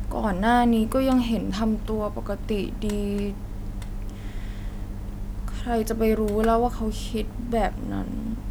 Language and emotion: Thai, frustrated